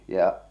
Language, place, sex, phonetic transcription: Finnish, Salla, male, ja’ .
- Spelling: ja

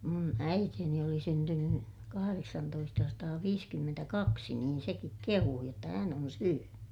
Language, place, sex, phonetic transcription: Finnish, Ilmajoki, female, mun äiteeni oli syntynny , kahareksantoistasataaviiskymmentäkaksi niin sekik kehuu jotta hän on syöny .
- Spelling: minun äitini oli syntynyt kahdeksantoistasataaviisikymmentäkaksi niin sekin kehui jotta hän on syönyt

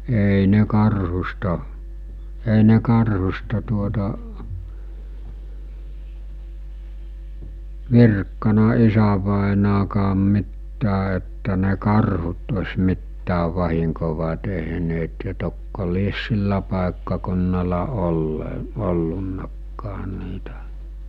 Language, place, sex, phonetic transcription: Finnish, Mikkeli, male, èi ne 'karhusta , èi ne 'karhusta tuota , 'virkkana 'isävàenaakaam mittää että ne 'karhut os̜'mittääv vahiŋkova teɦneet ja tokko lies 'sillä pàekkakunnala olle- , 'ollunnakkaa niitä .
- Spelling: ei ne karhusta ei ne karhusta tuota virkkanut isävainajakaan mitään että ne karhut olisi mitään vahinkoa tehneet ja tokko lie sillä paikkakunnalla - ollutkaan niitä

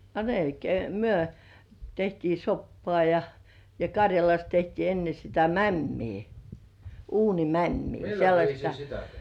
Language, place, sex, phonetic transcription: Finnish, Kurkijoki, female, a 'melkei myö , 'tehtii "soppoà ja , ja 'Karjalas tehtii enne sitä "mämmii , uuni̳§"mämmii , sellaśta .
- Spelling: a melkein me tehtiin soppaa ja ja Karjalassa tehtiin ennen sitä mämmiä uunimämmiä sellaista

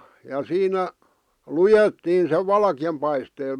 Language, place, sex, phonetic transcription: Finnish, Vihti, male, ja 'siinä , "lujettiin sev 'valkⁱjam paistee(l) .
- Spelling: ja siinä luettiin sen valkean paisteella

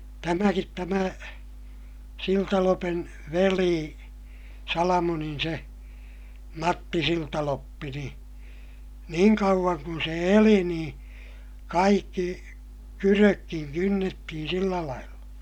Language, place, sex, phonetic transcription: Finnish, Ilmajoki, male, tämäkit tämä , Siltalopen , velii , Salamonin se , Matti Siltaloppi ni , niiŋ kauᵛaŋ kun se eli niḭ , kaikki , kyrökkiŋ kynnettihin̬ sillä lailla .
- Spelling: tämäkin tämä Siltalopen veli Salamonin se Matti Siltaloppi niin niin kauan kuin se eli niin kaikki kydötkin kynnettiin sillä lailla

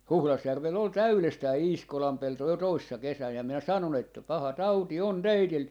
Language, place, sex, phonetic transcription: Finnish, Jaala, male, "Huhlasjärvell ‿ol "täylestää "Iiskolam 'pelto jo 'toissa 'kesän ja minä 'sanon ‿että , » 'paha "tauti 'on "teitil » ,.
- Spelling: Huhdasjärvellä oli täydestään Iiskolan pelto jo toissa kesänä ja minä sanoin että paha tauti on teillä

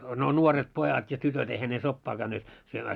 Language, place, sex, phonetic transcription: Finnish, Moloskovitsa, male, no 'nuoret 'pojat ja 'tytöt eihä ne 'soppaa käynneet , syömää .
- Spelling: no nuoret pojat ja tytöt eihän ne soppaa käyneet syömään

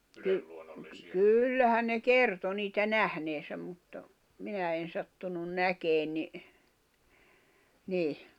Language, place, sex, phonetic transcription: Finnish, Jämsä, female, ky- , 'kyllähän ne "kerto 'niitä "nähneesäm mutta , 'minä en sattunun "näkeen ni , 'niih .
- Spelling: - kyllähän ne kertoi niitä nähneensä mutta minä en sattunut näkemään niin niin

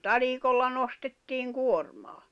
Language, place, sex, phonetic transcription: Finnish, Jämsä, female, talikolla nostettiiŋ 'kuormaa .
- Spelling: talikolla nostettiin kuormaa

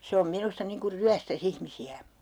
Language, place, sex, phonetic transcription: Finnish, Urjala, female, 'se om 'minusta niŋ kur "ryästä's ‿ihmisi₍ä .
- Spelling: se on minusta niin kuin ryöstäisi ihmisiä

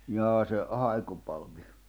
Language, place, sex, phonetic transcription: Finnish, Jämsä, male, 'jaa se , 'haikupalv̀i ?
- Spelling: jaa se haikupalvi

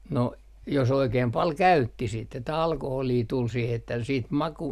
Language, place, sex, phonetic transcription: Finnish, Artjärvi, male, no , jos oikeem 'pal "käytti sit että 'alkoholii tul siih ‿että siit 'maku ,.
- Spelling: no jos oikein paljon käytti sitten että alkoholia tuli siihen että sitten maku

